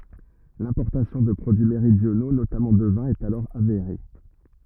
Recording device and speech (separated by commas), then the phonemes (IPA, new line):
rigid in-ear microphone, read sentence
lɛ̃pɔʁtasjɔ̃ də pʁodyi meʁidjono notamɑ̃ də vɛ̃ ɛt alɔʁ aveʁe